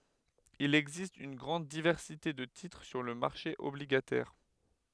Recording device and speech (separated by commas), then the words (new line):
headset microphone, read sentence
Il existe une grande diversité de titres sur le marché obligataire.